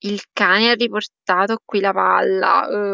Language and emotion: Italian, disgusted